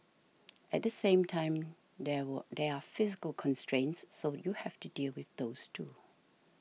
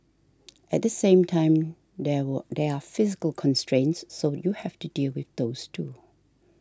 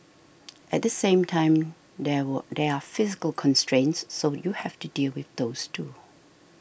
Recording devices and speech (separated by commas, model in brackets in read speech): mobile phone (iPhone 6), standing microphone (AKG C214), boundary microphone (BM630), read sentence